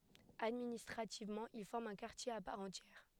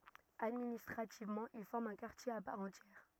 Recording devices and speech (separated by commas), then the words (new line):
headset microphone, rigid in-ear microphone, read sentence
Administrativement, il forme un quartier à part entière.